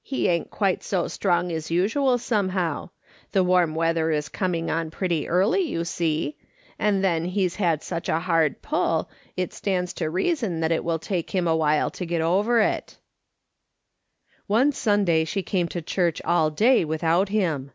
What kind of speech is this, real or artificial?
real